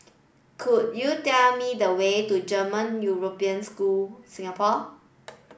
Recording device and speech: boundary microphone (BM630), read sentence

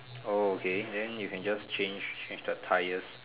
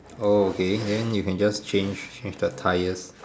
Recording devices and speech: telephone, standing microphone, conversation in separate rooms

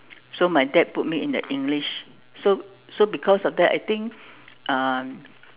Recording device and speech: telephone, conversation in separate rooms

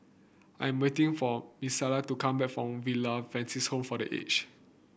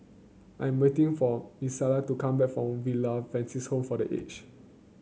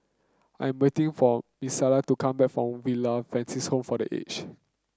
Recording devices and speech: boundary microphone (BM630), mobile phone (Samsung C9), close-talking microphone (WH30), read sentence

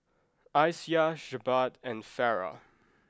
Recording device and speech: close-talking microphone (WH20), read sentence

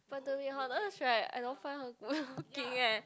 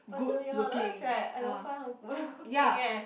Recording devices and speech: close-talking microphone, boundary microphone, conversation in the same room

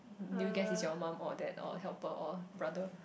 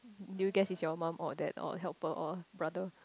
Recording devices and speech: boundary microphone, close-talking microphone, conversation in the same room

